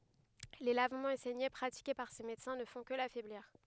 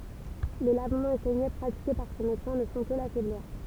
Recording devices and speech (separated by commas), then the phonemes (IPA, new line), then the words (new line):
headset microphone, temple vibration pickup, read sentence
le lavmɑ̃z e sɛɲe pʁatike paʁ se medəsɛ̃ nə fɔ̃ kə lafɛbliʁ
Les lavements et saignées pratiqués par ses médecins ne font que l'affaiblir.